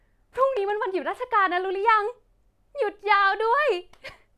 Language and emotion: Thai, happy